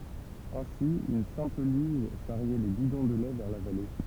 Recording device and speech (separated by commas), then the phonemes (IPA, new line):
temple vibration pickup, read sentence
ɛ̃si yn sɛ̃pl lyʒ ʃaʁjɛ le bidɔ̃ də lɛ vɛʁ la vale